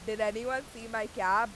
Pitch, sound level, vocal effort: 225 Hz, 99 dB SPL, very loud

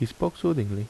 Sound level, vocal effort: 75 dB SPL, normal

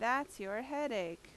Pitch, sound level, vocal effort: 225 Hz, 87 dB SPL, very loud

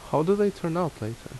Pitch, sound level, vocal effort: 165 Hz, 78 dB SPL, normal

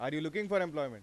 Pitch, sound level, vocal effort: 155 Hz, 97 dB SPL, loud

